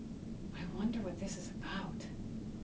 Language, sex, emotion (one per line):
English
female
neutral